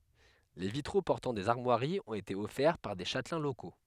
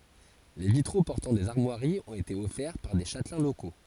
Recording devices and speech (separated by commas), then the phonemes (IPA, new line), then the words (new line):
headset microphone, forehead accelerometer, read sentence
le vitʁo pɔʁtɑ̃ dez aʁmwaʁiz ɔ̃t ete ɔfɛʁ paʁ de ʃatlɛ̃ loko
Les vitraux portant des armoiries ont été offerts par des châtelains locaux.